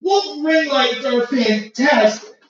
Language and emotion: English, sad